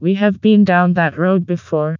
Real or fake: fake